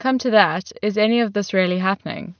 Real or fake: real